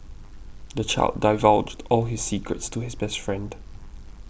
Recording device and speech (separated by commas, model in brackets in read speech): boundary microphone (BM630), read sentence